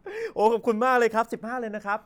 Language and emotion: Thai, happy